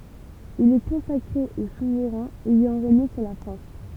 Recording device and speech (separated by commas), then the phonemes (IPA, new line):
temple vibration pickup, read sentence
il ɛ kɔ̃sakʁe o suvʁɛ̃z ɛjɑ̃ ʁeɲe syʁ la fʁɑ̃s